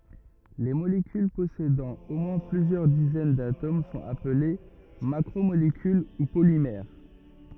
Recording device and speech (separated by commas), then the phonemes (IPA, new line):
rigid in-ear microphone, read sentence
le molekyl pɔsedɑ̃ o mwɛ̃ plyzjœʁ dizɛn datom sɔ̃t aple makʁomolekyl u polimɛʁ